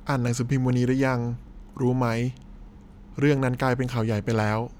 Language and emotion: Thai, neutral